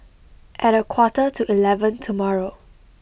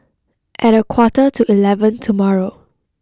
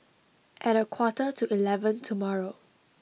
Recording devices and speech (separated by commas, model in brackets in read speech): boundary microphone (BM630), close-talking microphone (WH20), mobile phone (iPhone 6), read sentence